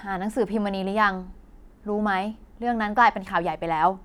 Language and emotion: Thai, neutral